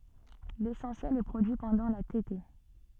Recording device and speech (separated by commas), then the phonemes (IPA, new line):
soft in-ear microphone, read sentence
lesɑ̃sjɛl ɛ pʁodyi pɑ̃dɑ̃ la tete